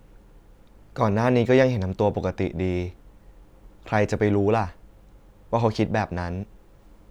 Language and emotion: Thai, neutral